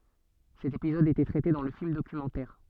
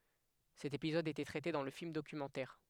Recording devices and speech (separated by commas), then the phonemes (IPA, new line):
soft in-ear microphone, headset microphone, read sentence
sɛt epizɔd etɛ tʁɛte dɑ̃ lə film dokymɑ̃tɛʁ